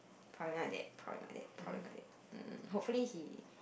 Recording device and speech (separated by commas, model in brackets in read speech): boundary microphone, conversation in the same room